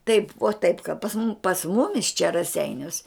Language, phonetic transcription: Lithuanian, taip vo taip ka pas mum pas ˈmumis čia raˈseiniuos

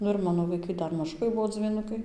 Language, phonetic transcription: Lithuanian, ˈnu ir ˈmano vaiˈkai ˈdar maˈžukai ˈbuo dzvyˈnukai

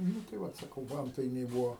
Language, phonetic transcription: Lithuanian, ˈnu tai ˈvat saˈkau ˈvantainiai ˈbūo

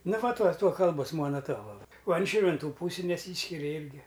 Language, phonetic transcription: Lithuanian, ˈna ˈva ˈtuo ˈtuo ˈkalbos ˈmuona ˈtuova o an ˈšyrvinˈtų ˈpūsi neˈsyskiria ˈirgi

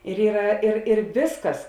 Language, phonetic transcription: Lithuanian, ir ˈyra ir ir ˈviskas

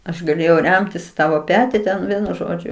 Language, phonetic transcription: Lithuanian, aš gaˈlėjau ˈremtis i ˈtavo ˈpeti ten ˈvienu ˈžodžiu

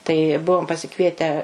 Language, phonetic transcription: Lithuanian, tai ˈbuvom pasiˈkvietę

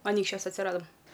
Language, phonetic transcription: Lithuanian, aˈnykščiuos atsiˈradam

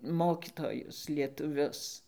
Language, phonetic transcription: Lithuanian, ˈmokitojus lietuˈvius

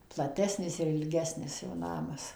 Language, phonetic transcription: Lithuanian, plaˈtesnis ir ilˈgesnis jo ˈnamas

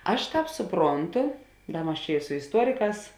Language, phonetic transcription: Lithuanian, ˈaš ˈtāp suˈpronˌtu ˈda ˈmas čia i su isˈtuoriˌkās

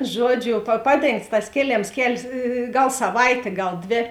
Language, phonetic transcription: Lithuanian, ˈžuoˌdžiu pa ˈpaˌdėngts tas ˈkėˌlėms ˈkel's' ˈgal saˈvaitė ˈgal ˈdvė

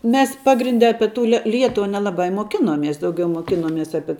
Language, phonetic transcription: Lithuanian, mes ˈpagrinde ˈape tu le ˈlietuva nelaˈba i moˈkinomies dauˈgiau mokinoˈmies ˈapie

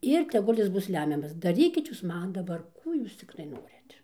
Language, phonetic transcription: Lithuanian, ˈir teˈgul' ˈjis ˈbus ˈlemiamas daˈrykit ˈjūs ˈman daˈbar ˈkų jūs ˈciktai ˈnorit

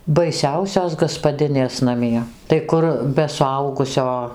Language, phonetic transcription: Lithuanian, baiˈsiausios gaspaˈdinės naˈmie tai ˈkur be suˈaugusio

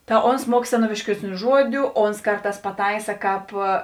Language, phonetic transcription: Lithuanian, ta ˈons ˈmuok seˈnoviškiesˌnių ˈžuodiu ˈons ˈkarˌtās paˈtaisa ˈkāp

